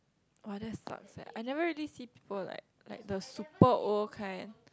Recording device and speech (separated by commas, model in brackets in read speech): close-talking microphone, conversation in the same room